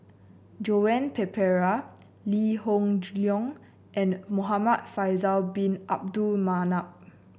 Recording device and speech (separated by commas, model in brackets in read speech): boundary microphone (BM630), read sentence